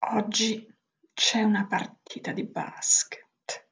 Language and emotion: Italian, disgusted